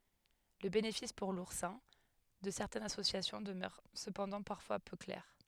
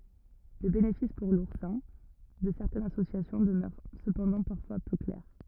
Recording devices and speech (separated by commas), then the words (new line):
headset microphone, rigid in-ear microphone, read sentence
Le bénéfice pour l'oursin de certaines associations demeure cependant parfois peu clair.